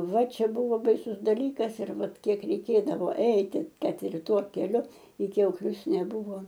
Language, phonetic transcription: Lithuanian, ˈva ˈčia ˈbūvo baiˈsus daˈlykas ir ˈvat ˈkiek reiˈkėdavo ˈeiti ˈkad ir ˈtuo keˈliu i kiauˈklius neˈbūvo

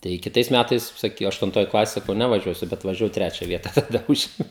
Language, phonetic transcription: Lithuanian, tai kiˈtais ˈmætais ˈsak aštunˈtoj ˈklasėj saˈkau ˌnevaˈžiuosiu bet važiaˈvau ˈtrečia ˈvieta taˈda ˈužėmiau

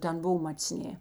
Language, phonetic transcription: Lithuanian, ˈten ˈbov macˈnė

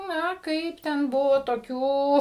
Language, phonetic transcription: Lithuanian, ˈna ˈkaip ten ˈbuvo toˈkių

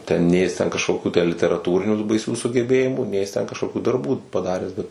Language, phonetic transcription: Lithuanian, ˈten ˈnė jis ˈten kažˈkokiu tę literaˈtūrinių tų baiˈsių sugeˈbėjimų ˈnei jis ˈten kažˈkokių darˈbų paˈdaręs ˈbet

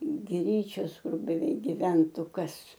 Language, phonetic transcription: Lithuanian, ˈgryčios ˈkur beˈveik giˈventu ˈkas

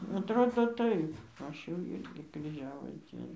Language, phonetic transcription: Lithuanian, atˈrodo ˈtaip ˈaš jau ˈirgi kryˈžiavos ˈdzieno

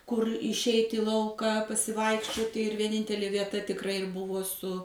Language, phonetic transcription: Lithuanian, kur išˈeit' į ˈlauka pasiˈvaikščioti ir vieˈnintelė vieˈta tikˈrai ir ˈbuvo su

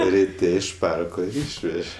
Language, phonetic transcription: Lithuanian, riˈte iš ˈparko ir ˈyšveže

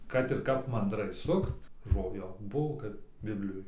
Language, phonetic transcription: Lithuanian, kad ir ˈkap mandˈrai ˈsukt ˈžo ˈjo ˈbuvo kad ˈbiblijoj

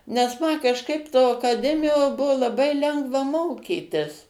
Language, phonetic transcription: Lithuanian, nes ˈma kažˈkaip to akaˈdemijoˈbuvo laˈbai ˈlengva ˈmokytis

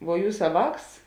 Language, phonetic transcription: Lithuanian, vuo ˈjūsa ˈvāks

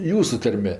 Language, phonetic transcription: Lithuanian, ˈjūsu ˈtarme

